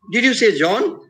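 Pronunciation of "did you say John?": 'Did you say John?' is said with a high rise: the voice rises very sharply and goes very high.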